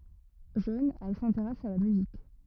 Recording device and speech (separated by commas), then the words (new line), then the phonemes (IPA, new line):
rigid in-ear microphone, read sentence
Jeune, elle s'intéresse à la musique.
ʒøn ɛl sɛ̃teʁɛs a la myzik